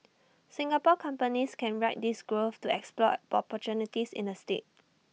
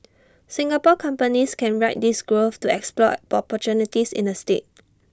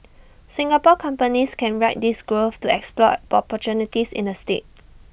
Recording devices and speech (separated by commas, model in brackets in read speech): mobile phone (iPhone 6), standing microphone (AKG C214), boundary microphone (BM630), read sentence